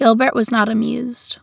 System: none